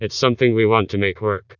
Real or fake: fake